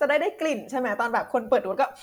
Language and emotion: Thai, happy